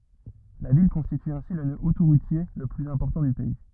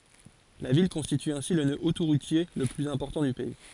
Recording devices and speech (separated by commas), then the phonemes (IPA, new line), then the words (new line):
rigid in-ear microphone, forehead accelerometer, read sentence
la vil kɔ̃stity ɛ̃si lə nø otoʁutje lə plyz ɛ̃pɔʁtɑ̃ dy pɛi
La ville constitue ainsi le nœud autoroutier le plus important du pays.